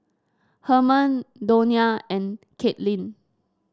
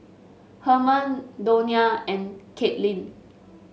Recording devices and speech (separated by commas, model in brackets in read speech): standing microphone (AKG C214), mobile phone (Samsung S8), read sentence